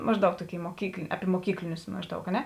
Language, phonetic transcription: Lithuanian, ˈmažˌdaug ˈtoˌkėi moˈkykl ˈapi moˈkyklinius ˈmažˌdaug a ˈne

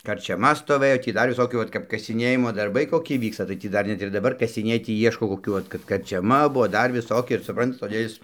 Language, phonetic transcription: Lithuanian, karčiaˈma stoˈvɘjo tį ˈdar viˈsokių ˈvat kap kasiˈnėjimo darˈbai koˈki ˈvyksta tai ˈtį ˈdar ˈnet ir daˈbar kasiˈnėj ˈtį ˈieško koˈkių ˈvat kad karčiaˈma ˈbuvo ˈdar viˈsoki ir suˈprantat toˈdė is

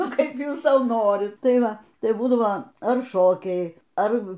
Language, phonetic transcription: Lithuanian, ˈnu ˈkaip ˈjūs ˈsau ˈnorit ˈtai ˈva ˈtai ˈbūdavo ar ˈšokiai ˈar

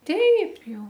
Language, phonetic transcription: Lithuanian, ˈteip ˈjau

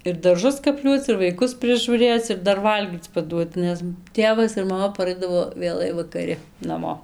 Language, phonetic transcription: Lithuanian, ir darˈžus kapˈliuoc ir vaiˈkus prižūˈrėc ir ˈdar ˈvalgyc paˈduot ˈnes ˈtėvas ir maˈma paˈraidavo vėˈlai vakaˈri naˈmo

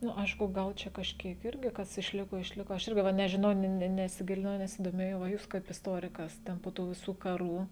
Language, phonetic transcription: Lithuanian, ˈnu ˈaišku ˈgal čia kažˈkiek ˈirgi ˈkas išˈliko išˈliko ˈaš ˈirgi ˈva nežiˈnau ne ne nesiˈgilinau nesidoˈmėjau va ˈjūs kaip isˈtorikas ˈten po ˈtų viˈsų kaˈrų

